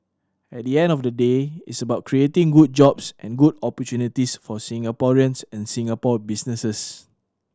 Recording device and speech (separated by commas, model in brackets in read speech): standing microphone (AKG C214), read sentence